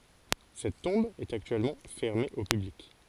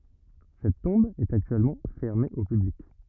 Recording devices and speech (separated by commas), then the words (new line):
forehead accelerometer, rigid in-ear microphone, read sentence
Cette tombe est actuellement fermée au public.